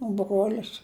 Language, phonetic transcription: Lithuanian, o ˈbruolis

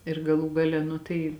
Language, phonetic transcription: Lithuanian, ir gaˈlų gaˈle ˈnu tai

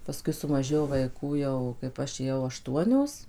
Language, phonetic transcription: Lithuanian, paˈskui sumaˈžėjo vaiˈkų jau kaip ˈaš ėˈjau aˈštuonios

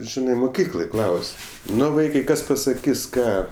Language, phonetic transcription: Lithuanian, ˈžinai muˈkykloj ˈklaus' ˈnu ˈvaikai ˈkas pasaˈkis ˈką

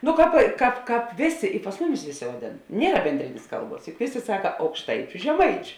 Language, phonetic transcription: Lithuanian, nu ˈkāp ˈkāp ˈkāp ˈvėˌsė i pas ˈmuˌmis ˈvėˌsė vaˈdėn ˈniera benˈdrinės ˈkalˌbuos juk ˈvėˌsė ˈsaka aukšˈtaičiu žeˈmaičiu

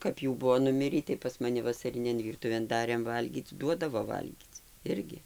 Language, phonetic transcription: Lithuanian, kap ˈjų ˈbuo nuˈmirį tai pas maˈni vasaˈrinėn ˈvyrtuvėn ˈdarėm ˈvalgyc ˈduodavo ˈvalgyc ˈirgi

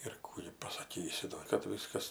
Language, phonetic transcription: Lithuanian, ir ˈkų gi pasaˈkysi do kad ˈviskas

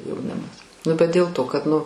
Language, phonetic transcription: Lithuanian, jauˈnimas ˈnu bet dėl ˈto kad nu

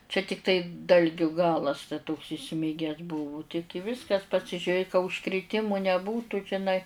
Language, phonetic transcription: Lithuanian, čia ˈtiktai ˈdalgiu ˈgalas ta toks iˈsmiges ˈbuvu ti ti ˈviskas pasižiuˈrė ka užkriˈtimu neˈbūtų žiˈnai

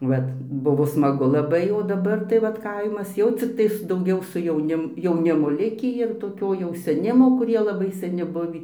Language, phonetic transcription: Lithuanian, ˈvat ˈbuvo smaˈgu laˈbai o daˈbar tai ˈvat ˈkaimas ˈjau cikˈtais dauˈgiau su jauˈnim jauˈnimo ˈlikį ir toˈkio jau seˈnimo kuˈrie laˈbai saˈni ˈbuvį

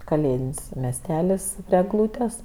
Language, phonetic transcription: Lithuanian, kaˈlėdin's' mesˈtelis prie egˈlūtes

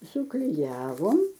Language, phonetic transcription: Lithuanian, sukliˈjavom

